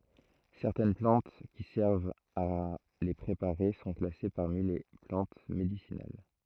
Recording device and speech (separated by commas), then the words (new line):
throat microphone, read sentence
Certaines plantes qui servent à les préparer sont classées parmi les plantes médicinales.